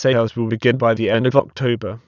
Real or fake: fake